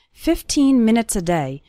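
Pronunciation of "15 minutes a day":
In '15 minutes a day', the end of 'minutes' becomes very small and connects with 'day'.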